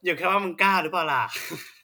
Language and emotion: Thai, happy